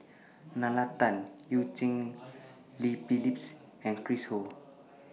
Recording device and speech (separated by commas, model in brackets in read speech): mobile phone (iPhone 6), read sentence